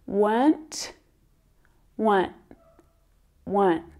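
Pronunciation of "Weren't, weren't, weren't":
In 'weren't', the er sound in the middle is not pronounced.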